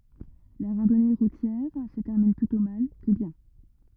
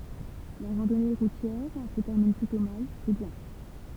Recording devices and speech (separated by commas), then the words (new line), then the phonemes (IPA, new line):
rigid in-ear microphone, temple vibration pickup, read sentence
La randonnée routière se termine plutôt mal que bien.
la ʁɑ̃dɔne ʁutjɛʁ sə tɛʁmin plytɔ̃ mal kə bjɛ̃